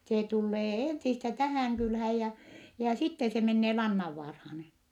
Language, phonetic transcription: Finnish, see tullee ènsistä tähä̀ŋ kylhääj jä , jä sitte se mennee Lannavvaarhaan .
- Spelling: se tulee ensistä tähän kylään ja ja sitten se menee Lannanvaaraan

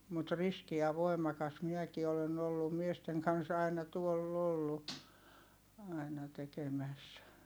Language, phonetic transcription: Finnish, mut riski ja voi̮makas miɛki olen ‿ollum miesteŋ kans aina tuoll ‿ollu , aina tekemäs .
- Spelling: mutta riski ja voimakas minäkin olen ollut miesten kanssa aina tuolla ollut aina tekemässä

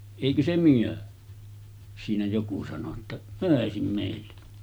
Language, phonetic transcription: Finnish, » èikö se 'myö « , siinä joku sano ‿tta , » 'mö̀esim mèille « .
- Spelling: eikö se me siinä joku sanoi jotta myisi meille

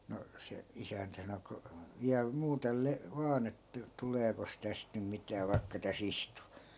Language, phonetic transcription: Finnish, no , 'se "isäntä sano » ku , 'viäl 'muutel le- , 'vaan ‿että "tuleekos täst nym 'mitää vai̮kka tä's ‿istu » .
- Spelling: no se isäntä sanoi kun vielä muuten - vain että tuleekos tästä nyt mitään vaikka tässä istuu

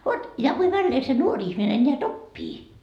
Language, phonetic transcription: Finnish, 'vot , kui 'vällee se "nuor 'ihmine ńeät "oppii .
- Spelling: vot kuinka väleen se nuori ihminen näet oppii

